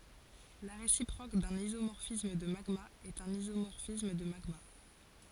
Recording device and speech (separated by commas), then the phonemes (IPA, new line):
forehead accelerometer, read sentence
la ʁesipʁok dœ̃n izomɔʁfism də maɡmaz ɛt œ̃n izomɔʁfism də maɡma